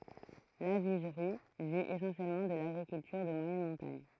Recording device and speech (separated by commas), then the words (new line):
throat microphone, read sentence
Lavigerie vit essentiellement de l'agriculture de moyenne montagne.